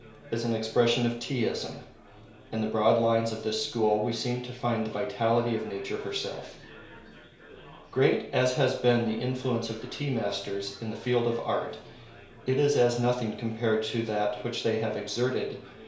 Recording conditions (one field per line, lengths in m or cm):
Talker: one person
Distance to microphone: 1.0 m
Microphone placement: close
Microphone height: 1.1 m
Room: small (3.7 m by 2.7 m)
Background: babble